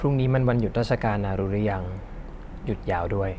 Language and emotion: Thai, neutral